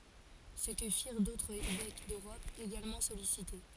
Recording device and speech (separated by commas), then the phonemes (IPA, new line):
forehead accelerometer, read sentence
sə kə fiʁ dotʁz evɛk døʁɔp eɡalmɑ̃ sɔlisite